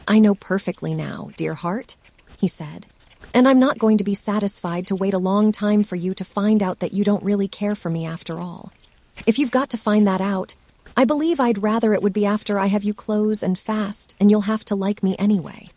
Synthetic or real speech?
synthetic